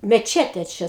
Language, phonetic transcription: Lithuanian, meˈčetė ˈčia

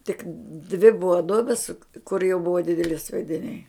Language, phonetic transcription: Lithuanian, tik dvi ˈbuva ˈduobis kur jau ˈbuva ˈdideli sviediˈniai

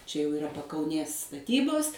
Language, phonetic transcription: Lithuanian, čia jau iˈra pakauˈnės staˈtybos

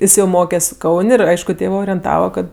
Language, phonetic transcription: Lithuanian, ˈis jau ˈmokes' ˈkaun' ir ˈaišku ˈtėvɜ orienˈtava ˈkad

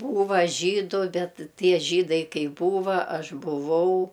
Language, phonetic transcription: Lithuanian, ˈbūva ˈžydu ˈbet ˈtie ˈžydai ˈkai ˈbūva ˈaš buˈvau

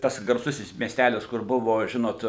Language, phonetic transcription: Lithuanian, ˈtas garˈsusis miesˈtælis kur ˈbuvo ˈžinot

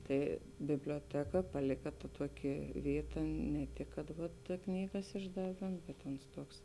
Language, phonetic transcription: Lithuanian, ˈtai biblioˈteka paˈlika ta ˈtuoˌki ˈvyˌta ne ˈtik kad ta ˈknygas išdaˈvėm bet ons ˈtuoks

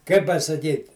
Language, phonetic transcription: Lithuanian, kai pasaˈkyt'

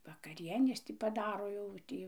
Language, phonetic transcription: Lithuanian, vakaˈrienės ti paˈdaro jau ˈtį

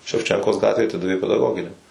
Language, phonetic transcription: Lithuanian, ševˈčenkos ˈgatvėj aˈtidavė pedaˈgoginiam

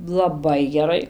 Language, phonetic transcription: Lithuanian, laˈbai geˈrai

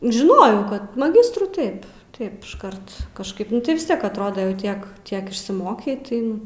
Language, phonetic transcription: Lithuanian, žiˈnojau ˈkad maˈgistrų ˈtaip ˈtaip išˈkart kažˈkaip nu ˈtai vis ˈtiek atˈrodo jau ˈtiek ˈtiek išsiˈmokei tai ˈnu

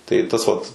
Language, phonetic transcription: Lithuanian, tai ˈtas vat

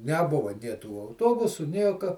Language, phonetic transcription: Lithuanian, neˈbuva nė tų auˈtobusu ˈnieka

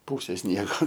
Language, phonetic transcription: Lithuanian, ˈpūsė ˈsniego

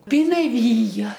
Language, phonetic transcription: Lithuanian, pinaˈvyja

